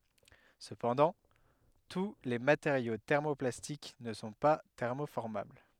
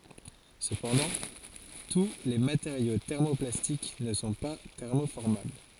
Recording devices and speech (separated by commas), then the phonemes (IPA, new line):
headset microphone, forehead accelerometer, read sentence
səpɑ̃dɑ̃ tu le mateʁjo tɛʁmoplastik nə sɔ̃ pa tɛʁmofɔʁmabl